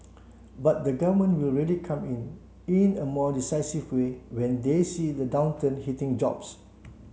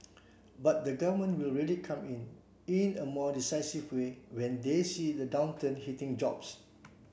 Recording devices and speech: mobile phone (Samsung C7), boundary microphone (BM630), read sentence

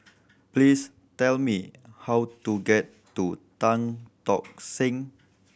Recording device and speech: boundary microphone (BM630), read sentence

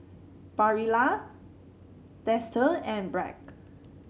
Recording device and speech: mobile phone (Samsung C7), read sentence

